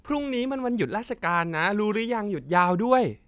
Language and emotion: Thai, happy